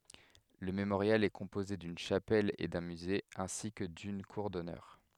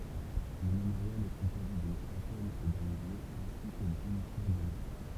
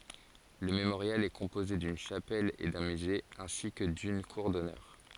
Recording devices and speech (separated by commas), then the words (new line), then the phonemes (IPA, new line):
headset microphone, temple vibration pickup, forehead accelerometer, read sentence
Le Mémorial est composé d'une chapelle et d'un musée ainsi que d'une cour d'Honneur.
lə memoʁjal ɛ kɔ̃poze dyn ʃapɛl e dœ̃ myze ɛ̃si kə dyn kuʁ dɔnœʁ